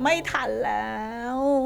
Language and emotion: Thai, frustrated